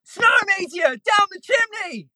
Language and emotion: English, fearful